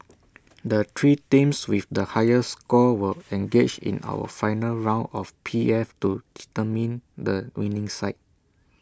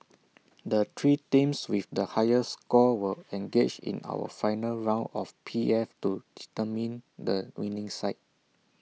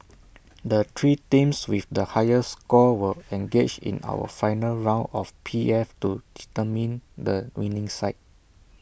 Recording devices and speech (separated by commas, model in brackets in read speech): standing microphone (AKG C214), mobile phone (iPhone 6), boundary microphone (BM630), read sentence